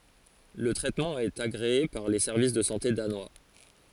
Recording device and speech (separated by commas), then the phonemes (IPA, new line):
forehead accelerometer, read sentence
lə tʁɛtmɑ̃ ɛt aɡʁee paʁ le sɛʁvis də sɑ̃te danwa